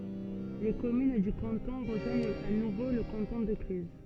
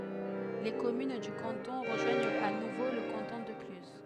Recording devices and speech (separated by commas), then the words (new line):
soft in-ear microphone, headset microphone, read sentence
Les communes du canton rejoignent à nouveau le canton de Cluses.